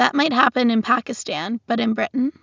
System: none